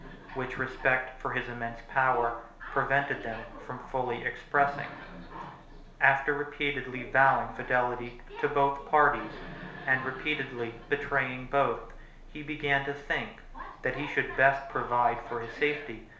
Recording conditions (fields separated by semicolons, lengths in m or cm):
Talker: one person; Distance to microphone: 1.0 m; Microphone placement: close; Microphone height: 1.1 m; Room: small (3.7 m by 2.7 m); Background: television